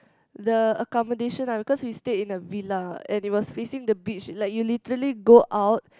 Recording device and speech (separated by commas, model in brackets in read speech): close-talking microphone, conversation in the same room